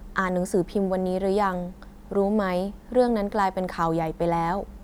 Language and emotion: Thai, neutral